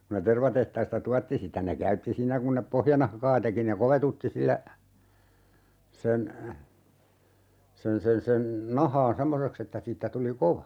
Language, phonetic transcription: Finnish, ku ne 'tervatehtaista "tuatti sitä ne 'käytti siinnä kun nep "pohjanahkaa teki ne 'kovetutti sillä , 'sen , 'sen sen sen , 'nahaan "semmoseks ‿että 'siittä 'tuli "kova .
- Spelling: kun ne tervatehtaista tuotti sitä ne käytti siinä kun ne pohjanahkaa teki ne kovetutti sillä sen sen sen sen nahan semmoiseksi että siitä tuli kova

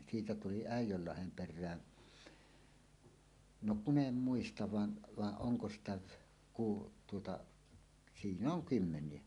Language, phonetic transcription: Finnish, 'siitä tuli "Ä̀ij̆jöllahem 'per̆rää , 'no "kun ‿em 'muistav van , vaˀ 'ˀoŋko sitä , ku- , tuota , "sinn ‿oŋ "kymmeǹie .
- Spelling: siitä tuli Äijönlahden perään no kun en muista vaan vaan onko sitä - tuota sinne on kymmeniä

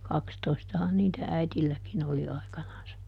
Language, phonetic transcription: Finnish, ˈkakstoistahan niitä "äitilläkin ‿oli ˈaikanansa, .
- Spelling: kaksitoistahan niitä äidilläkin oli aikanansa

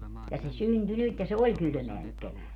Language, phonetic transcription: Finnish, ja se "synty "nyt ja se "oĺ 'kylʸmeä nyt 'kevääl .
- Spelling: ja se syntyi nyt ja se oli kylmää nyt keväällä

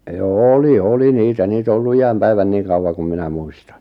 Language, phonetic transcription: Finnish, joo "oli "oli 'niitä 'niit ‿o ollu 'ijäm 'päivän 'niiᵑ kauwaŋ kum 'minä 'muistᴀɴ .
- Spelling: joo oli oli niitä niitä on ollut iän päivän niin kauan kuin minä muistan

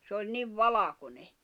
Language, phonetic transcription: Finnish, sᵉ ‿oĺ 'niv "valakone .
- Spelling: se oli niin valkoinen

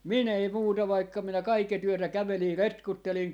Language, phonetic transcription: Finnish, "min ‿ei "muuta 'vaikka minä "kaike't ‿yötä 'kävelii 'retkuttelin .
- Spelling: minun ei muuta vaikka minä kaiket yötä kävelin retkuttelin

